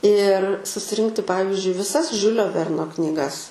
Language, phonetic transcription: Lithuanian, ir susiˈrinkti ˈpavizdžiui viˈsas ˈžiulio ˈverno knyˈgas

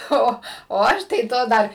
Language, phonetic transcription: Lithuanian, ˈo o ˈaš tai ˈto ˈdar

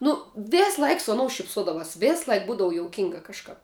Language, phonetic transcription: Lithuanian, nu ˈvėsˌlaik su aˈnou šipˈsodavās ˈvės ˈlaik ˈbūdavu jouˈkinga kažˈkap

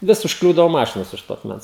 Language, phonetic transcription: Lithuanian, ˈvis užkˈliūdao ˈmašinos už ˈto akˈmens

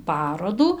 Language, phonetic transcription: Lithuanian, ˈparodų

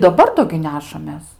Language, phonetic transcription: Lithuanian, daˈbar ˈdo gi ˈnešamės

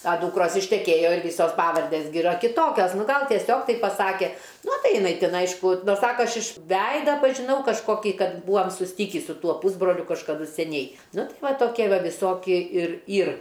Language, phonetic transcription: Lithuanian, a ˈdūkros išteˈkėjo ir ˈvysos ˈpavardės gi iˈra kiˈtokios ˈnu ˈgal tieˈsiog ˈtaip paˈsake ˈnu ˈtai iˈnai ˈtin ˈaišku ˈsaka ˈaš iš ˈveida pažiˈnau kažkoˈkį ˈkad ˈbūam susˈtikį su ˈtuo pūsbroliu kažkaˈdu seˈniai ˈnu ˈtai ˈva toˈkie ˈva viˈsokie ir ˈyr

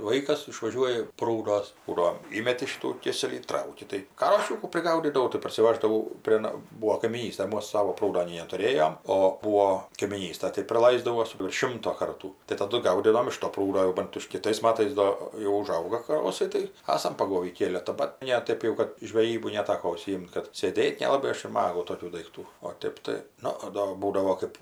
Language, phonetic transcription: Lithuanian, ˈvaikas išvaˈžiuoji ˈprūdos ˈbūdo ˈįmeti ˈšitų ˈkėselį ˈtrauki tai ˈkašikų priˈgaudydavau tai parsiˈvaždavau prė ˈna ˈbūo kaimyˈnystaj ˈmas ˈsavo ˈprūdo nei netuˈrėjom o ˈbūo kaimyˈnystaj tai priˈlaisdavo sulig ˈšimto ˈkartų tai taˈdu ˈgaudydavom iš to ˈprūdo jau ˈbant iš kiˈtais ˈmatais ˈdo jau uˈžauga kaˈrosai ˈtai ˈasam paˈgovį ˈkėletą ˈbat ne ˈtaip jau ˈkad žveˈjybu neˈtako užsiˈjimt kad sėˈdėt nelaˈbai ˈaš ir ˈmagau ˈtokių daikˈtų o ˈtėp tai ˈnu ˈdo ˈbūdavo ˈkɜp

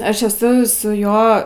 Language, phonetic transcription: Lithuanian, ˈaš eˈsu suˈjo

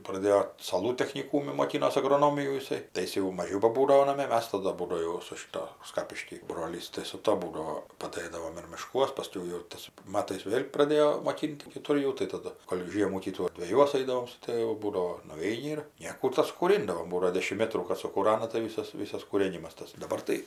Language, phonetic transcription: Lithuanian, praˈdėjo saˈlų techniˈkūmi moˈkinos agroˈnomijų jiˈsai tai ˈjis jau maˈžiau baˈbūdavo naˈmė ˈmas taˈdu ˈbūdo jau su šiˈto ˈskapišky ˈbrolys tai su ˈto ˈbūdavo paˈdɘdavom ir miˈškuos paˈskiau jau tais ˈmatais ˈvėl' praˈdėjo moˈkin't' kiˈtur jau tai taˈdu ˈgol' ˈžiemų ˈkytų ir dveˈjuos ˈaidavom su ˈtɘvu ˈbūdavo nuˈveini ir ˈnėkų ˈtas kūˈrindavom ˈbūdo ˈdėšim ˈmetrų kad sukūˈrana tai ˈvysas ˈvysas kūˈrėnimas ˈtas daˈbar tai

